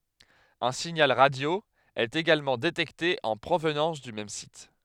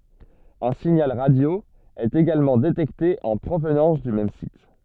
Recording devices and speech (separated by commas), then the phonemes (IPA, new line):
headset microphone, soft in-ear microphone, read sentence
œ̃ siɲal ʁadjo ɛt eɡalmɑ̃ detɛkte ɑ̃ pʁovnɑ̃s dy mɛm sit